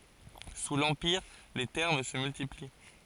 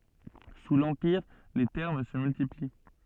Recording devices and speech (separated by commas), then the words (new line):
forehead accelerometer, soft in-ear microphone, read sentence
Sous l’Empire, les thermes se multiplient.